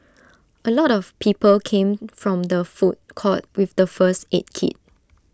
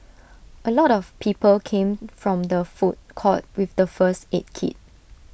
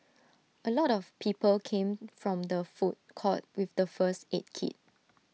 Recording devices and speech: standing microphone (AKG C214), boundary microphone (BM630), mobile phone (iPhone 6), read sentence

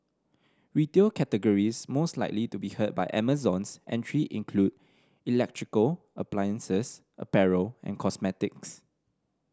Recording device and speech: standing microphone (AKG C214), read sentence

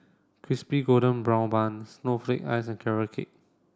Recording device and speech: standing microphone (AKG C214), read sentence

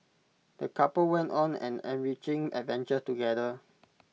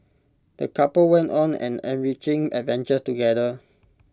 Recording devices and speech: mobile phone (iPhone 6), close-talking microphone (WH20), read sentence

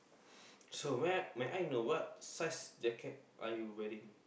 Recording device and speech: boundary microphone, conversation in the same room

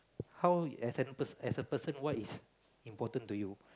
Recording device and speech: close-talking microphone, conversation in the same room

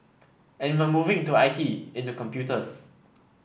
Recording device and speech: boundary microphone (BM630), read sentence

